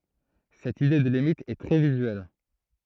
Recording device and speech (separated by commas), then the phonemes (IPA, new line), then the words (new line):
throat microphone, read sentence
sɛt ide də limit ɛ tʁɛ vizyɛl
Cette idée de limite est très visuelle.